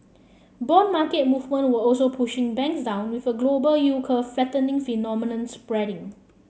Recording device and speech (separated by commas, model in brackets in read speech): mobile phone (Samsung C7), read sentence